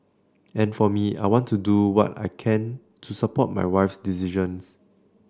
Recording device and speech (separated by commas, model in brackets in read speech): standing microphone (AKG C214), read sentence